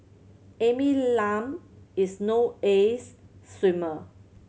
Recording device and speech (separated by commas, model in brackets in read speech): mobile phone (Samsung C7100), read sentence